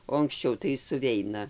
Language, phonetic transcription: Lithuanian, o anksˈčiau tai suˈveina

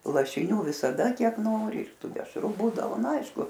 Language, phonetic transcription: Lithuanian, lašiˈnių visaˈda ˈkiek ˈnori ir ˈtų dešˈru ˈbūdavo nu ˈaišku

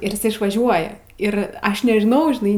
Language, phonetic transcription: Lithuanian, ir iˈsai išvaˈžiuoja ir ˈaš nežiˈnau žiˈnai

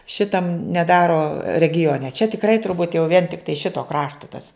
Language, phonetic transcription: Lithuanian, ˈšitam neˈdaro regiˈone čia tikˈrai turˈbūt jau vien tikˈtai ˈšito ˈkrašto tas

